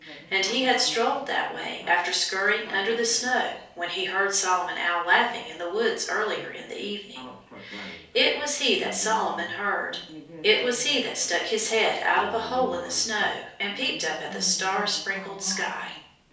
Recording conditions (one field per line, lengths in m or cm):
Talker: one person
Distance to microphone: 3.0 m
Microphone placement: far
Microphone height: 1.8 m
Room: small (3.7 m by 2.7 m)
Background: television